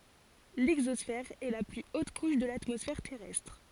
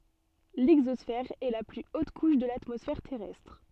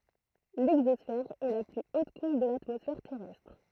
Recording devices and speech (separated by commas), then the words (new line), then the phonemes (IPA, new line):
forehead accelerometer, soft in-ear microphone, throat microphone, read sentence
L'exosphère est la plus haute couche de l'atmosphère terrestre.
lɛɡzɔsfɛʁ ɛ la ply ot kuʃ də latmɔsfɛʁ tɛʁɛstʁ